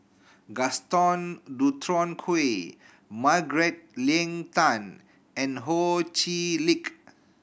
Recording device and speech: boundary microphone (BM630), read sentence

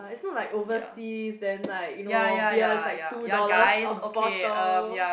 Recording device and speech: boundary microphone, conversation in the same room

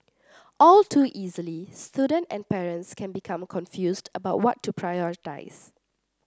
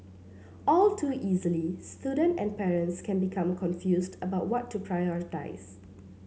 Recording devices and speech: standing microphone (AKG C214), mobile phone (Samsung C7), read sentence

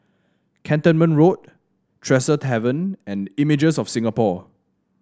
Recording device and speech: standing microphone (AKG C214), read sentence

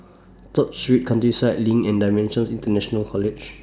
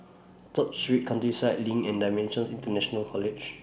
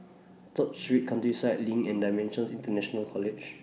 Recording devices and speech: standing microphone (AKG C214), boundary microphone (BM630), mobile phone (iPhone 6), read sentence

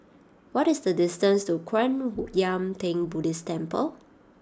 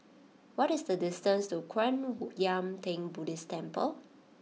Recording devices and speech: standing microphone (AKG C214), mobile phone (iPhone 6), read sentence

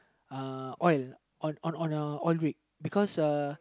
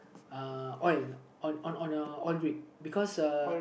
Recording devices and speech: close-talking microphone, boundary microphone, conversation in the same room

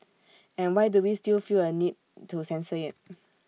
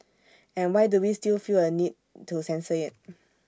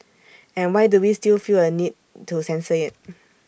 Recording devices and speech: mobile phone (iPhone 6), standing microphone (AKG C214), boundary microphone (BM630), read sentence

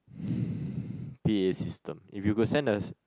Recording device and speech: close-talking microphone, conversation in the same room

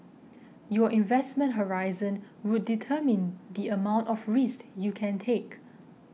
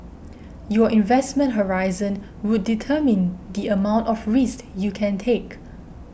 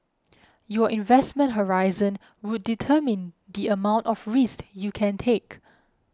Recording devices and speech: mobile phone (iPhone 6), boundary microphone (BM630), close-talking microphone (WH20), read sentence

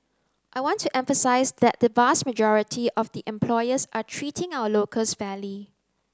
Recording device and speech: close-talking microphone (WH30), read sentence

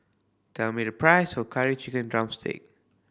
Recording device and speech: boundary microphone (BM630), read sentence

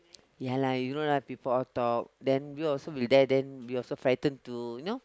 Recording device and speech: close-talking microphone, conversation in the same room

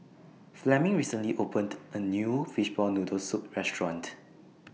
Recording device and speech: mobile phone (iPhone 6), read sentence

